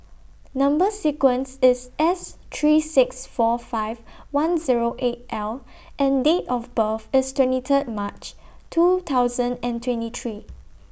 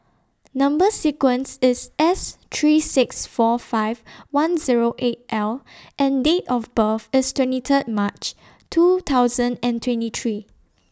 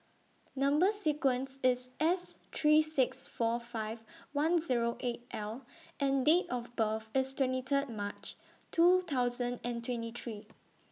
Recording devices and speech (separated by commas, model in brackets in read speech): boundary microphone (BM630), standing microphone (AKG C214), mobile phone (iPhone 6), read sentence